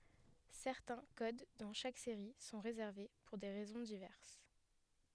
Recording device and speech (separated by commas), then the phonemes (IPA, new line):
headset microphone, read sentence
sɛʁtɛ̃ kod dɑ̃ ʃak seʁi sɔ̃ ʁezɛʁve puʁ de ʁɛzɔ̃ divɛʁs